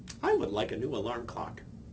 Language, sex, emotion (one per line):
English
male
happy